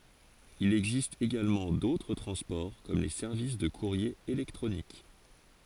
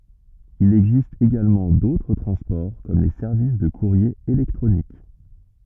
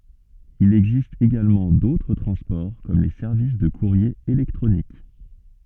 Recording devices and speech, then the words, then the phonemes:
forehead accelerometer, rigid in-ear microphone, soft in-ear microphone, read sentence
Il existe également d’autres transports comme les services de courrier électronique.
il ɛɡzist eɡalmɑ̃ dotʁ tʁɑ̃spɔʁ kɔm le sɛʁvis də kuʁje elɛktʁonik

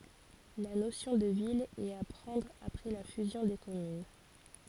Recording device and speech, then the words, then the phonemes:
forehead accelerometer, read sentence
La notion de ville est à prendre après la fusion des communes.
la nosjɔ̃ də vil ɛt a pʁɑ̃dʁ apʁɛ la fyzjɔ̃ de kɔmyn

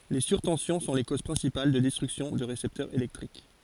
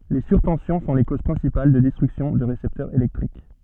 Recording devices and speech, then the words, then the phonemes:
forehead accelerometer, soft in-ear microphone, read sentence
Les surtensions sont les causes principales de destruction de récepteurs électriques.
le syʁtɑ̃sjɔ̃ sɔ̃ le koz pʁɛ̃sipal də dɛstʁyksjɔ̃ də ʁesɛptœʁz elɛktʁik

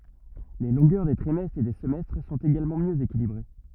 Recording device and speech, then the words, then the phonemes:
rigid in-ear microphone, read sentence
Les longueurs des trimestres et des semestres sont également mieux équilibrées.
le lɔ̃ɡœʁ de tʁimɛstʁz e de səmɛstʁ sɔ̃t eɡalmɑ̃ mjø ekilibʁe

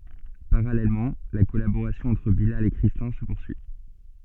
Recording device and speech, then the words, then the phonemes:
soft in-ear microphone, read sentence
Parallèlement, la collaboration entre Bilal et Christin se poursuit.
paʁalɛlmɑ̃ la kɔlaboʁasjɔ̃ ɑ̃tʁ bilal e kʁistɛ̃ sə puʁsyi

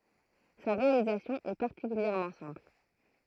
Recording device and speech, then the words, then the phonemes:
throat microphone, read sentence
Sa réalisation est particulièrement simple.
sa ʁealizasjɔ̃ ɛ paʁtikyljɛʁmɑ̃ sɛ̃pl

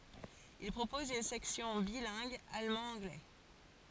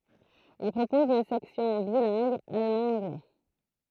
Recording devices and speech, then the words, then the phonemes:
forehead accelerometer, throat microphone, read sentence
Il propose une section bilingue allemand-anglais.
il pʁopɔz yn sɛksjɔ̃ bilɛ̃ɡ almɑ̃dɑ̃ɡlɛ

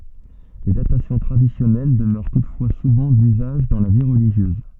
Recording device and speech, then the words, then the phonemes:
soft in-ear microphone, read sentence
Les datations traditionnelles demeurent toutefois souvent d'usage dans la vie religieuse.
le datasjɔ̃ tʁadisjɔnɛl dəmœʁ tutfwa suvɑ̃ dyzaʒ dɑ̃ la vi ʁəliʒjøz

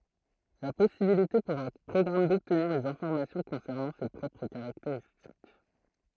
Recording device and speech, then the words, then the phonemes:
throat microphone, read sentence
La possibilité pour un programme d'obtenir des informations concernant ses propres caractéristiques.
la pɔsibilite puʁ œ̃ pʁɔɡʁam dɔbtniʁ dez ɛ̃fɔʁmasjɔ̃ kɔ̃sɛʁnɑ̃ se pʁɔpʁ kaʁakteʁistik

